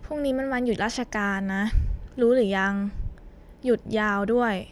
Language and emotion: Thai, neutral